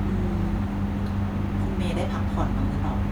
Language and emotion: Thai, neutral